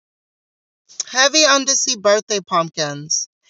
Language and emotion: English, neutral